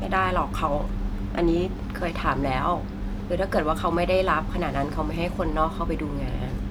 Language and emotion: Thai, frustrated